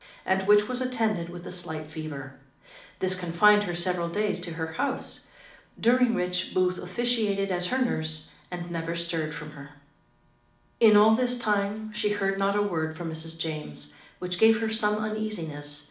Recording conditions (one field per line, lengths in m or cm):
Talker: one person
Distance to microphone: 2.0 m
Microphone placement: close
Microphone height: 99 cm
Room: medium-sized (5.7 m by 4.0 m)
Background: none